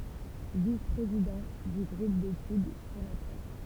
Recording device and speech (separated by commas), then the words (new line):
temple vibration pickup, read sentence
Vice-président du groupe d'études sur la presse.